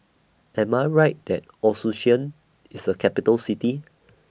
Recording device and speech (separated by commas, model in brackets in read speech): boundary microphone (BM630), read sentence